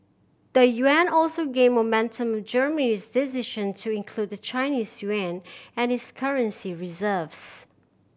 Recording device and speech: boundary microphone (BM630), read sentence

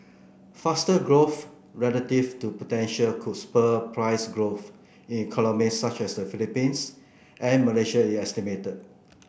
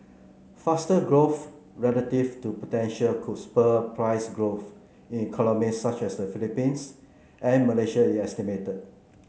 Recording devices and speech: boundary microphone (BM630), mobile phone (Samsung C9), read sentence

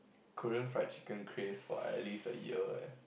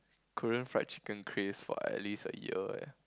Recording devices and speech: boundary microphone, close-talking microphone, conversation in the same room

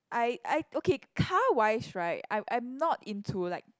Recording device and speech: close-talking microphone, conversation in the same room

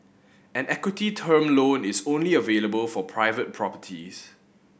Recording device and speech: boundary microphone (BM630), read sentence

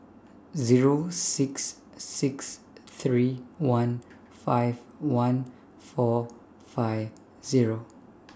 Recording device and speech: standing microphone (AKG C214), read sentence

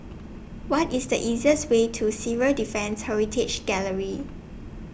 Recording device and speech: boundary microphone (BM630), read sentence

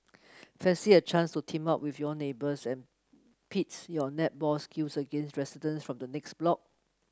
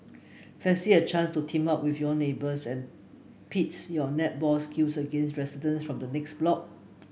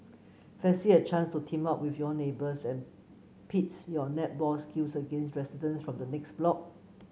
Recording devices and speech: close-talking microphone (WH30), boundary microphone (BM630), mobile phone (Samsung C9), read sentence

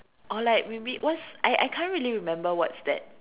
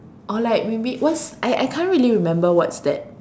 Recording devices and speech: telephone, standing microphone, conversation in separate rooms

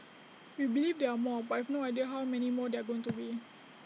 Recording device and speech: mobile phone (iPhone 6), read sentence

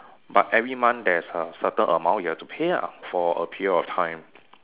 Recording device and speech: telephone, conversation in separate rooms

